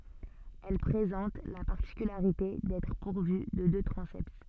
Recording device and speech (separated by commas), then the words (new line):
soft in-ear microphone, read sentence
Elle présente la particularité d'être pourvue de deux transepts.